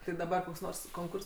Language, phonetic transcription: Lithuanian, ti daˈbar koks ˈnors konˈkurs

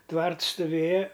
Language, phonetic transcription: Lithuanian, ˈtvarts stuˈvėja

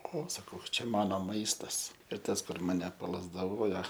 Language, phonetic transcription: Lithuanian, ˈo saˈkau ˈčia ˈmano ˈmaistas ir ˈtas kur ˈmane palazdaˈvojo

